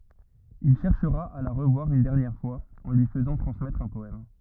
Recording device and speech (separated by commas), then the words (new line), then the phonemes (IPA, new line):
rigid in-ear microphone, read sentence
Il cherchera à la revoir une dernière fois, en lui faisant transmettre un poème.
il ʃɛʁʃʁa a la ʁəvwaʁ yn dɛʁnjɛʁ fwaz ɑ̃ lyi fəzɑ̃ tʁɑ̃smɛtʁ œ̃ pɔɛm